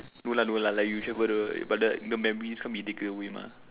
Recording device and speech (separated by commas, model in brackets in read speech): telephone, conversation in separate rooms